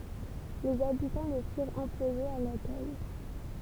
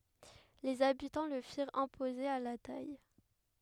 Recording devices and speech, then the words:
temple vibration pickup, headset microphone, read sentence
Les habitants le firent imposer à la taille.

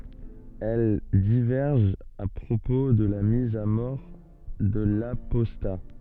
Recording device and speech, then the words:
soft in-ear microphone, read sentence
Elles divergent à propos de la mise à mort de l'apostat.

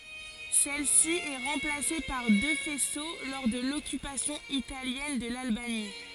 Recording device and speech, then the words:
forehead accelerometer, read sentence
Celle-ci est remplacée par deux faisceaux lors de l'occupation italienne de l'Albanie.

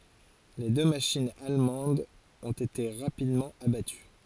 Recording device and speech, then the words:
forehead accelerometer, read sentence
Les deux machines allemandes ont été rapidement abattues.

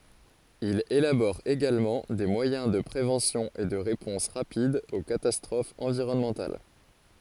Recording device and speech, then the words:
forehead accelerometer, read sentence
Il élabore également des moyens de préventions et de réponses rapides aux catastrophes environnementales.

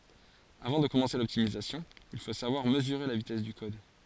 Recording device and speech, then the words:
forehead accelerometer, read sentence
Avant de commencer l'optimisation, il faut savoir mesurer la vitesse du code.

